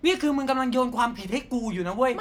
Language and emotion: Thai, angry